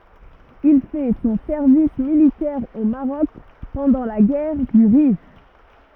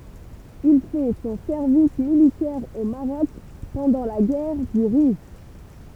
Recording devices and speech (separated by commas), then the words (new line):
rigid in-ear microphone, temple vibration pickup, read sentence
Il fait son service militaire au Maroc pendant la guerre du Rif.